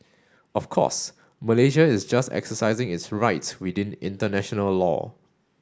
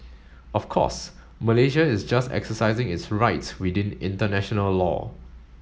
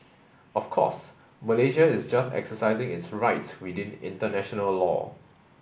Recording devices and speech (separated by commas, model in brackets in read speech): standing microphone (AKG C214), mobile phone (Samsung S8), boundary microphone (BM630), read sentence